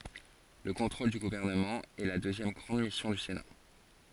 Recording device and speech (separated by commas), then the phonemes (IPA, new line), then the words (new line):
forehead accelerometer, read sentence
lə kɔ̃tʁol dy ɡuvɛʁnəmɑ̃ ɛ la døzjɛm ɡʁɑ̃d misjɔ̃ dy sena
Le contrôle du gouvernement est la deuxième grande mission du Sénat.